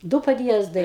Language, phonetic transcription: Lithuanian, ˈdu padˈjiezdai

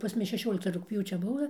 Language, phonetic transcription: Lithuanian, pas ˈmus šeˈšiolikta rugpˈjūčia ˈbuva

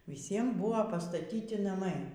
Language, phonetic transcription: Lithuanian, viˈsiem ˈbuvo pastaˈtyti naˈmai

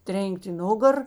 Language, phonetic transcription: Lithuanian, ˈtrėn'k't' i ˈnugar

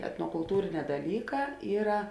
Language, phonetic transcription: Lithuanian, etnokulˈtūriˌnē daˈlyˌkā ˈyra

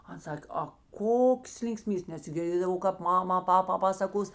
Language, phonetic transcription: Lithuanian, ˈan ˈsak' a ˈkoks linkˈsmybės nes girˈdėdavau kap ˈmama ˈpapa ˈpasakos

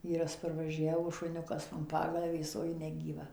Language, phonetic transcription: Lithuanian, ˈvyras parvaˈžiavo šuˈniukas an ˈpagalvės o ˈji negyˈva

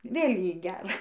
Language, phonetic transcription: Lithuanian, ˈvėl' ˈjai ˈgæra

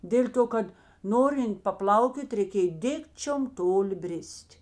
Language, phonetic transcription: Lithuanian, ˈdėl' ˌto ˈkad ˈnorint paˈplaukiot' reiˈkėj ˈdikčiom ˈtoˌli ˈbris't'

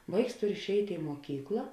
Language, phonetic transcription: Lithuanian, ˈvaiks ˈturi išˈeit' i muoˈkykla

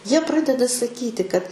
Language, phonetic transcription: Lithuanian, ˈjie ˈpradeda saˈkyti kad

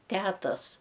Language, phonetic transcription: Lithuanian, ˈtetas

